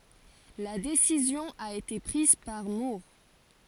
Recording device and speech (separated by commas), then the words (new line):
forehead accelerometer, read sentence
La décision a été prise par Moore.